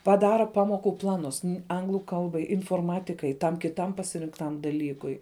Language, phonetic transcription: Lithuanian, paˈdara ˈpamoku ˈplanus ˈanglu ˈkalbai inforˈmatikai tam kiˈtam pasirinkˈtam daˈlykui

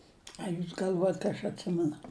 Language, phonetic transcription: Lithuanian, a ˈjūs gal'ˈvuojat ka aš atˈsimenu

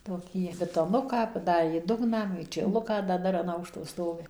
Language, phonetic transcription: Lithuanian, toˈkį bitoˈnuką paˈdarė ˈdugną meičėˈluką da ˈdar an ˈaukšto ˈstovi

